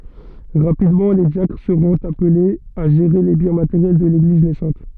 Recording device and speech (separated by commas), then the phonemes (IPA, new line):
soft in-ear microphone, read sentence
ʁapidmɑ̃ le djakʁ səʁɔ̃t aplez a ʒeʁe le bjɛ̃ mateʁjɛl də leɡliz nɛsɑ̃t